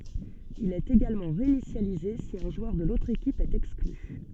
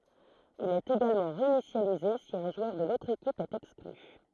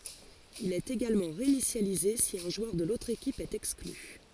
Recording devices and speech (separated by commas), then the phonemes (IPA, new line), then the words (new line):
soft in-ear microphone, throat microphone, forehead accelerometer, read sentence
il ɛt eɡalmɑ̃ ʁeinisjalize si œ̃ ʒwœʁ də lotʁ ekip ɛt ɛkskly
Il est également réinitialisé si un joueur de l'autre équipe est exclu.